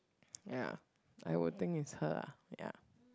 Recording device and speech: close-talking microphone, conversation in the same room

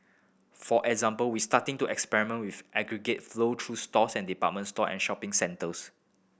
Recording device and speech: boundary microphone (BM630), read sentence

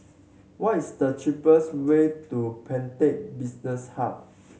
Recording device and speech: mobile phone (Samsung C7100), read sentence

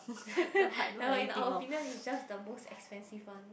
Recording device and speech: boundary microphone, conversation in the same room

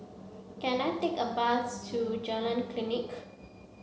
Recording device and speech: mobile phone (Samsung C7), read sentence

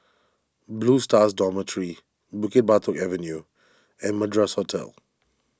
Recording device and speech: standing microphone (AKG C214), read sentence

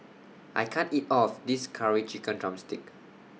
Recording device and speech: mobile phone (iPhone 6), read sentence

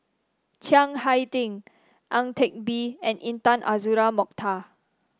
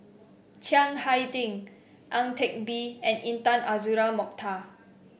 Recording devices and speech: standing microphone (AKG C214), boundary microphone (BM630), read sentence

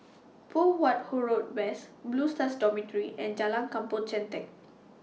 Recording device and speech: mobile phone (iPhone 6), read sentence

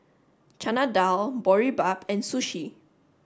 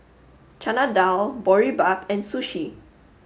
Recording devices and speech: standing microphone (AKG C214), mobile phone (Samsung S8), read sentence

